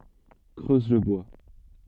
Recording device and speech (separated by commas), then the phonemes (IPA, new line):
soft in-ear microphone, read sentence
kʁøz lə bwa